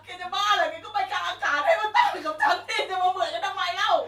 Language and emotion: Thai, angry